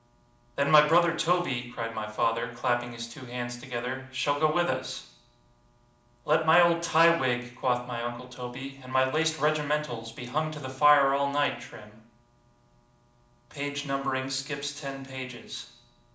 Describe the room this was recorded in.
A moderately sized room (about 5.7 m by 4.0 m).